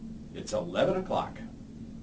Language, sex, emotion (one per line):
English
male
neutral